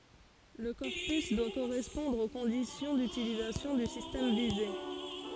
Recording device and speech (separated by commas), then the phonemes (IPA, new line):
forehead accelerometer, read sentence
lə kɔʁpys dwa koʁɛspɔ̃dʁ o kɔ̃disjɔ̃ dytilizasjɔ̃ dy sistɛm vize